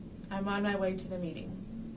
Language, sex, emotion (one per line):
English
female
neutral